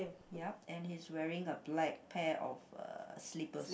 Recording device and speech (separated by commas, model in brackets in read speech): boundary microphone, conversation in the same room